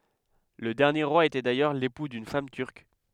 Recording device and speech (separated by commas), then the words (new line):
headset microphone, read sentence
Le dernier roi était d'ailleurs l'époux d'une femme turque.